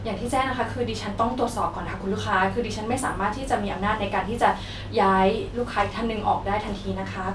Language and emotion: Thai, frustrated